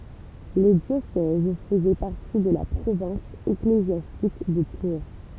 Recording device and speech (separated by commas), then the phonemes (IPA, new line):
temple vibration pickup, read sentence
le djosɛz fəzɛ paʁti də la pʁovɛ̃s eklezjastik də tuʁ